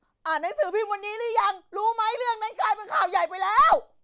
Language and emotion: Thai, angry